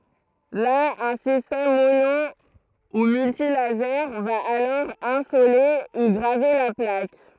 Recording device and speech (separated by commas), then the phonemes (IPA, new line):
throat microphone, read sentence
la œ̃ sistɛm mono u myltilaze va alɔʁ ɛ̃sole u ɡʁave la plak